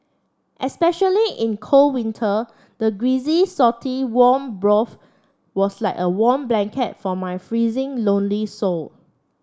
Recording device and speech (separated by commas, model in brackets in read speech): standing microphone (AKG C214), read sentence